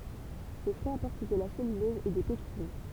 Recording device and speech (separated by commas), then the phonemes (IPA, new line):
temple vibration pickup, read sentence
le fʁyiz apɔʁt də la sɛlylɔz e de pɛktin